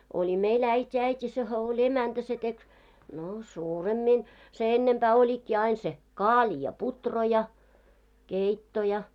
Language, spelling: Finnish, oli meillä äiti äiti sehän oli emäntä se teki no suuremmin se ennempää olikin aina se kaali ja puuro ja keitto ja
- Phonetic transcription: 'oĺi 'meil 'äit́i äit́i sehä oĺ 'emäntä se 'tek , no "suuremmin , se 'ennempää oĺikki ain se , "kaaĺi ja 'putro ja , 'keitto ja .

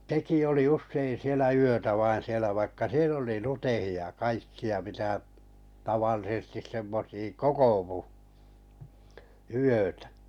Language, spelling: Finnish, sekin oli usein siellä yötä vain siellä vaikka siellä oli luteita ja kaikkia mitä tavallisesti semmoisia kokoutui yötä
- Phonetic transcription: 'teki oli 'ussein 'sielä 'yötä vain̬ sielä vaikka "siel ‿poli "lutehi₍a ʲa "kaikki₍a 'mitä , tavallisᵉstis 'semmosii , "kokovu , 'yötᴀ̈ .

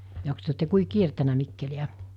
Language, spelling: Finnish, jokos te olette kuinka kiertänyt Mikkeliä
- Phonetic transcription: joks työ otte 'kui 'kiertänä 'Mikkeli₍ä ?

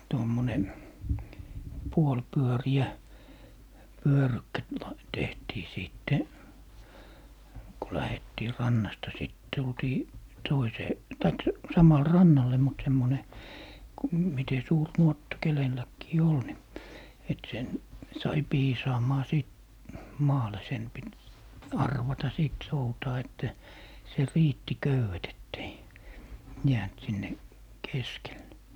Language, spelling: Finnish, tuommoinen puolipyöreä pyörykkä - - tehtiin sitten kun lähdettiin rannasta sitten tultiin toiseen tai samalle rannalle mutta semmoinen kun miten suuri nuotta kenelläkin oli niin että sen sai piisaamaan sitten maalle sen piti arvata sitten soutaa että se riitti köydet että ei jäänyt sinne keskelle
- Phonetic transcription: 'tommone , 'puol'pyöri₍ä , "pyörykkä t - la 'tehtii 'sìtte , ku 'lähettii "rannasta sìt 'tultii , "toisee , 'taik , 'samal "rannalle mut 'semmone , ku mite 'suur "nuotta 'kelelläkkii 'ol ni , et sen , 'sai "piisaamaa sìt , "maale 'sen pit , "arvata 'sìt 'soutaa että , se 'riitti "köywet ettei , 'jäänt sinne , 'keskelle .

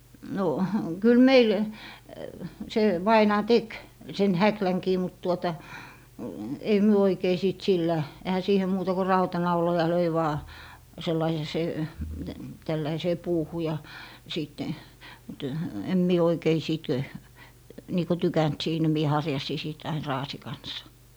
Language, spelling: Finnish, no kyllä meillä se vainaja teki sen häklänkin mutta tuota ei me oikein sitten sillä eihän siihen muuta kuin rautanauloja löi vain sellainen ja se tällaiseen puuhun ja sitten - en minä oikein sitten niin kuin tykännyt siinä minä harjasin sitten aina raasin kanssa
- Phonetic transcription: no , kyl "meil se 'vainaa "tek , sen "häkläŋkii mut tuota , ei myö 'oikei sìt 'sillä , ehä 'siihe muuta ko "rauta'nauloja 'löi vaa , 'sellai ja 'se , 'tälläisee "puuhu ja , 'sìtte , ty - em mie 'oikei 'sìt , nii ko "tykänt 'siinä mie 'harjasi sit ain "raasi 'kans .

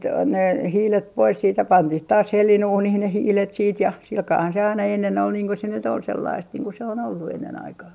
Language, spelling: Finnish, ne hiilet pois sitten ja pantiin taas hellanuuniin ne hiilet sitten ja sillä kalellahan se aina ennen oli niin kuin se nyt oli sellaista niin kuin se on ollut ennen aikaan
- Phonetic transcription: ne 'hiilet 'pois siit ja "pantih taas 'hellin₍uunih ne 'hiilet siit ja , silkaahan se aina ennen ‿ol niiŋ ko se nyt ‿ol sellaist niiŋ ku se on ollu ennen aikaa .

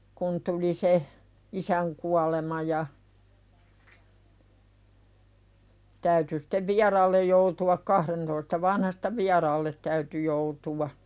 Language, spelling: Finnish, kun tuli se isän kuolema ja täytyi sitten vieraalle joutua kahdentoista vanhasta vieraalle täytyi joutua
- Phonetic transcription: kun tuli se , "isäŋ 'kualema ja , täyty stev "viaraallej joutu₍ak kahrentoista 'vanhasta "viaraallet täyty joutuwa .

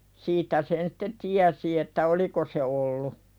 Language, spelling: Finnish, siitä sen sitten tiesi että oliko se ollut
- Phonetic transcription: 'siit̀ä sen sɪtte "tiäsi että "oliko se ollu .

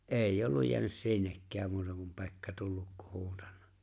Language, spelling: Finnish, ei ollut jäänyt sinnekään muuta kuin Pekka tullut kun huutanut
- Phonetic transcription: '’eeⁱ''j ‿olluj 'jeänys "sinnekkääm muuta kum 'Pekka 'tulluk kuh 'huutannᴀ .

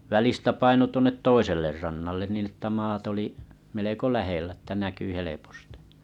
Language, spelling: Finnish, välistä painoi tuonne toiselle rannalle niin että maat oli melko lähellä että näkyi helposti
- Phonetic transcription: 'välistä 'paino 'tuonnet "toiseller rannallen niin ‿että 'maat ‿oli , meleko 'lähellä ᵉttä näky 'helepostɪ .

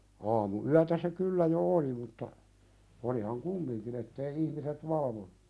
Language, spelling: Finnish, aamuyötä se kyllä jo oli mutta olihan kumminkin että ei ihmiset valvoneet
- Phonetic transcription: aamu₍'yätä se kyllä jo "oli mutta , olihaŋ "kummiŋkin ‿ettei ihmiset "valvonᴜ .

